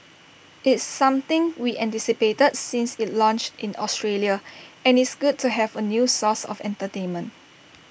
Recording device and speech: boundary microphone (BM630), read sentence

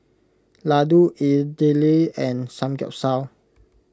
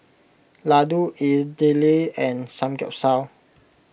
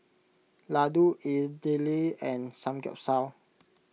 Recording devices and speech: close-talking microphone (WH20), boundary microphone (BM630), mobile phone (iPhone 6), read sentence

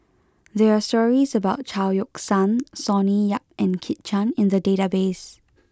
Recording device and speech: close-talking microphone (WH20), read sentence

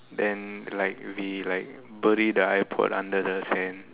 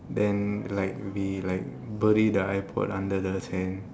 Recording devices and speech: telephone, standing microphone, conversation in separate rooms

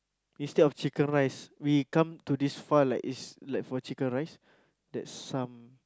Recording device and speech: close-talking microphone, conversation in the same room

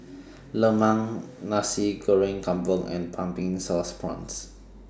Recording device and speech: standing microphone (AKG C214), read sentence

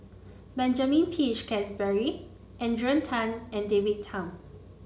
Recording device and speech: mobile phone (Samsung C9), read sentence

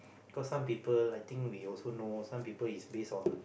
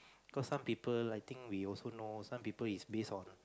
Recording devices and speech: boundary microphone, close-talking microphone, conversation in the same room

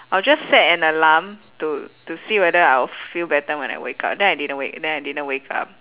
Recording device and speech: telephone, conversation in separate rooms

